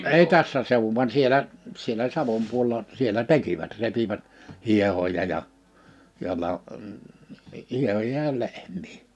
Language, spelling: Finnish, ei tässä seuduin vaan siellä siellä Savon puolella siellä tekivät repivät hiehoja ja ja - hiehoja ja lehmiä
- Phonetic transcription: 'ei "tässä sèuvuv van 'sielä , sielä "Savom̥ puo(le)la , 'sielä "tekivät 'repivät , 'hiehoja ja , ja 'la- , 'hiehoja ja 'lehm̀ii .

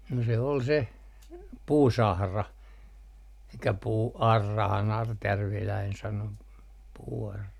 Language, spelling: Finnish, no se oli se puusahra eli puuaurahan artjärviläinen sanoi puuaura
- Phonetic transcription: no se ol se , "puusahra (elikkä) puu₍"arrahan 'artjärviläin sano , puu₍arra .

